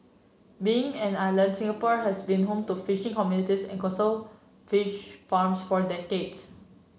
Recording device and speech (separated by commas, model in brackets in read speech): mobile phone (Samsung C7), read sentence